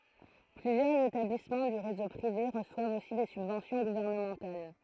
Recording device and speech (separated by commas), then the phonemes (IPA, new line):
throat microphone, read sentence
plyzjœʁz etablismɑ̃ dy ʁezo pʁive ʁəswavt osi de sybvɑ̃sjɔ̃ ɡuvɛʁnəmɑ̃tal